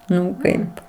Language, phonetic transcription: Lithuanian, ˈnu ˈkaip

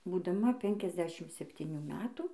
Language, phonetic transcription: Lithuanian, būdaˈma ˈpenkiasˌdešim septyˈnių ˈmetų

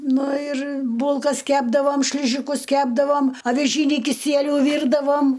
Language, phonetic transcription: Lithuanian, ˈnu ir ˈbūlkas ˈkepdavom ˈšližikus ˈkepdavom aviˈžynį kiˈsieliu ˈvyrdavom

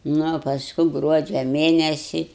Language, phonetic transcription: Lithuanian, ˈnu o pasˈku ˈgruodžia ˈmėnesi

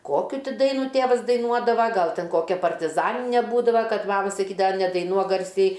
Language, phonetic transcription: Lithuanian, ˈkokiu ˈti ˈdainų ˈtėvas daiˈnuodava ˈgal ˈten ˈkokia partiˈzanine ˈbūdava ˈkad ˈmama saˈkydava nedaiˈnuok ˈgarsiai

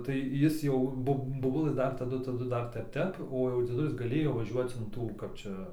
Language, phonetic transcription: Lithuanian, tai ˈjis jau ˈbob boˈbulə ˈdar taˈdu taˈdu ˈdar ˈtep ˈtep o jau dzieˈdulis gaˈlėjo vaˈžiuoc in ˈtų ˈkap čia

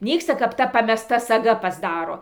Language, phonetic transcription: Lithuanian, ˈnyksta kap ˈta pameˈsta saˈga pasˈdaro

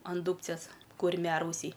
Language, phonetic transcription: Lithuanian, an ˈdūbcės kurˈmiarausiai

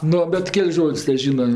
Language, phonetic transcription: Lithuanian, ˈnu bet ˈkel's' ˈžod's' teˈžyna

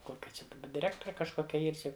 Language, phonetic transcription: Lithuanian, ˈkokia čia daˈba diˈrektore kažˈkokia ˈyr ˈči

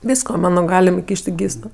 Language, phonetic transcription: Lithuanian, ˈvysko ˈmano ˈgalim iˈkyš't' i ˈgyso

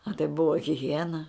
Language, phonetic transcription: Lithuanian, a tai ˈbuva hiˈhiena

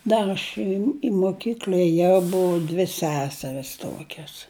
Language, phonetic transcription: Lithuanian, ˈdar aš i i moˈkykl'a eˈjau ˈbuva dvi ˈseseris ˈtokias

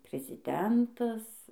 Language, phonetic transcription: Lithuanian, priziˈdentas

